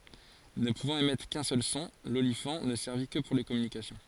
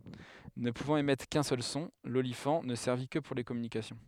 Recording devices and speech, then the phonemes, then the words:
forehead accelerometer, headset microphone, read sentence
nə puvɑ̃t emɛtʁ kœ̃ sœl sɔ̃ lolifɑ̃ nə sɛʁvi kə puʁ le kɔmynikasjɔ̃
Ne pouvant émettre qu'un seul son, l'olifant ne servit que pour les communications.

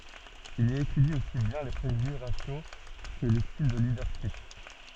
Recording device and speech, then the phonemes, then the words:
soft in-ear microphone, read sentence
il i etydi osi bjɛ̃ le pʁeʒyʒe ʁasjo kə le stil də lidœʁʃip
Il y étudie aussi bien les préjugés raciaux que les styles de leadership.

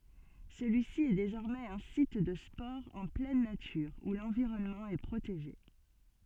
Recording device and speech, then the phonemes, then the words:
soft in-ear microphone, read sentence
səlyisi ɛ dezɔʁmɛz œ̃ sit də spɔʁz ɑ̃ plɛn natyʁ u lɑ̃viʁɔnmɑ̃ ɛ pʁoteʒe
Celui-ci est désormais un site de sports en pleine nature où l'environnement est protégé.

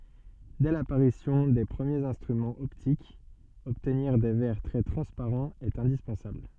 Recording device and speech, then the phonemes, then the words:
soft in-ear microphone, read sentence
dɛ lapaʁisjɔ̃ de pʁəmjez ɛ̃stʁymɑ̃z ɔptikz ɔbtniʁ de vɛʁ tʁɛ tʁɑ̃spaʁɑ̃z ɛt ɛ̃dispɑ̃sabl
Dès l'apparition des premiers instruments optiques, obtenir des verres très transparents est indispensable.

